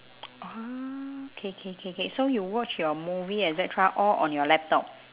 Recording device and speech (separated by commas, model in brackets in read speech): telephone, conversation in separate rooms